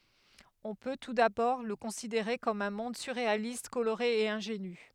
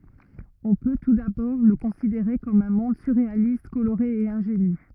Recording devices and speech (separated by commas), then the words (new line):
headset microphone, rigid in-ear microphone, read sentence
On peut, tout d'abord, le considérer comme un monde surréaliste, coloré et ingénu.